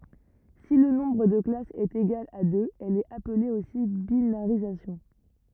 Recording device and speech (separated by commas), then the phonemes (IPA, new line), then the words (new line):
rigid in-ear microphone, read sentence
si lə nɔ̃bʁ də klasz ɛt eɡal a døz ɛl ɛt aple osi binaʁizasjɔ̃
Si le nombre de classes est égal à deux, elle est appelée aussi binarisation.